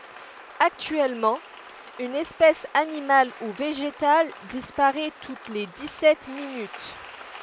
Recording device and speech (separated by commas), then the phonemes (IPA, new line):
headset microphone, read sentence
aktyɛlmɑ̃ yn ɛspɛs animal u veʒetal dispaʁɛ tut le di sɛt minyt